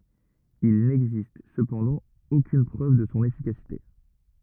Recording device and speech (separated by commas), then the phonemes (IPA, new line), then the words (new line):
rigid in-ear microphone, read sentence
il nɛɡzist səpɑ̃dɑ̃ okyn pʁøv də sɔ̃ efikasite
Il n'existe cependant aucune preuve de son efficacité.